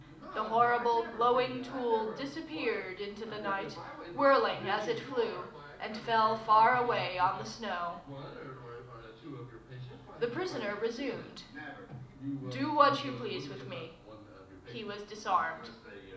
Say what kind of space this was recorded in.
A mid-sized room (about 5.7 m by 4.0 m).